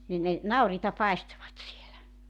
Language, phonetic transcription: Finnish, nin ne , 'nauriita 'paestovat 'sielä .
- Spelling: niin ne nauriita paistoivat siellä

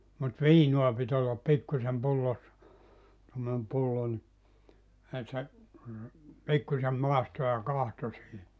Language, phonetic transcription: Finnish, mut 'viinua pit ‿ollap 'pikkusem 'pullossa , tommonem 'pullo ni , e se , 'pikkusem 'màisto ja 'kahto siihi .
- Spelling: mutta viinaa piti olla pikkuisen pullossa tuommoinen pullo niin - se pikkuisen maistoi ja katsoi siihen

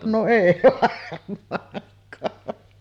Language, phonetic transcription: Finnish, no "’ei 'varm̆maaŋk̆kaa .
- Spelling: no ei varmaankaan

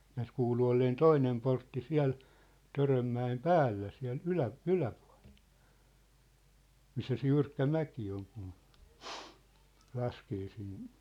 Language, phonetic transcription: Finnish, nääs 'kuulu 'olleen "toinem portti 'siä̭l , Törömmä₍em "päällä siä̭l 'ylä- , "yläpᴜa̭ʟᴇʟ , 'missä se 'jyrkkä 'mäki oŋ kun , 'laskee sin ,.
- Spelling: näet kuului olleen toinen portti siellä Törönmäen päällä siellä - yläpuolella missä se jyrkkä mäki on kun laskee sinne

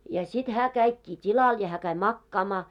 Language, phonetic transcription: Finnish, ja sit 'hää käikkii "t́ilal ja hää käi "makkaamaa .
- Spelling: ja sitten hän kävikin tilalle ja hän kävi makaamaan

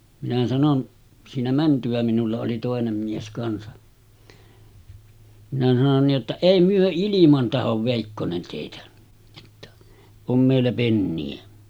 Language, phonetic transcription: Finnish, minä sanon , siinä mänty₍ä minulla oli 'tòenem mies kansa , minä sanon ni’ ’että » 'èi myö 'iliman tahov vèikkonen tèitä « , ᴊᴏᴛᴛᴀ , » 'om mèillä penni₍ä « .
- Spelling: minä sanoin siinä mentyä minulla oli toinen mies kanssa minä sanoin niin että ei me ilman tahdo veikkonen teitä jotta on meillä penniä

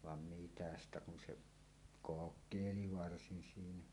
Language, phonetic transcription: Finnish, van mitä ‿stä kun se , "kok̆kèili 'varsin 'siinä .
- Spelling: vaan mitä siitä kun se kokeili varsin siinä

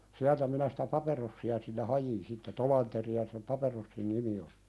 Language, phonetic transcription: Finnish, 'siältä minä sɪtä "paperossi₍a sille 'hajin sitte 'Tolanteri₍a sem 'paperossin "nimi oʟɪ .
- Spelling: sieltä minä sitä paperossia sille hain sitten Tolanderia sen paperossin nimi oli

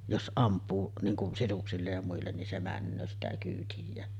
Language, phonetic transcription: Finnish, jos '’amp̀uu , niiŋ kun 'sisuksillej ja muillen nin 'se "männöö sitä kyytij̆jään .
- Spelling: jos ampuu niin kuin sisuksille ja muille niin se menee sitä kyytijään

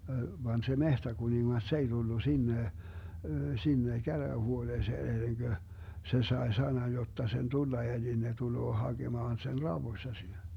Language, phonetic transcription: Finnish, vaan se 'mehtäkuniŋŋas 's ‿ei Dullu 'sinne , 'sinne 'käräähuoneeseen 'enneŋGö , 'se 'sae 'sanan 'jotta sen 'tulla eli ne 'tuloo 'haGemaan sen "rauwoⁱssa (sinne) .
- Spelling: vaan se metsäkuningas se ei tullut sinne sinne käräjähuoneeseen ennen kuin se sai sanan jotta sen tulla eli ne tulee hakemaan sen raudoissa sinne

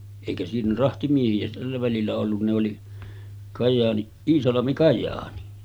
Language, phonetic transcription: Finnish, èikä siinä 'rahtimiehi₍ä tällä välillä ollun ne oli , Kajaani , "Iisalami 'Kaj̀aani .
- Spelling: eikä siinä rahtimiehiä tällä välillä ollut ne oli Kajaani Iisalmi Kajaani

